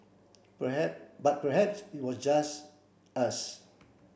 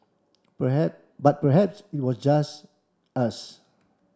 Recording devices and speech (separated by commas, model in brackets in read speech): boundary microphone (BM630), standing microphone (AKG C214), read sentence